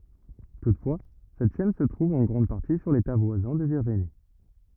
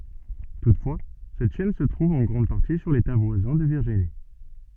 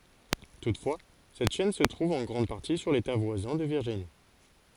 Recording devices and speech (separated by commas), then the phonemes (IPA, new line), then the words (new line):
rigid in-ear microphone, soft in-ear microphone, forehead accelerometer, read sentence
tutfwa sɛt ʃɛn sə tʁuv ɑ̃ ɡʁɑ̃d paʁti syʁ leta vwazɛ̃ də viʁʒini
Toutefois, cette chaîne se trouve en grande partie sur l'État voisin de Virginie.